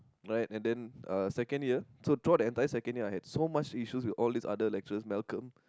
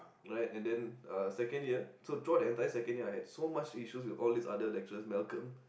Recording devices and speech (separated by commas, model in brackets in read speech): close-talking microphone, boundary microphone, conversation in the same room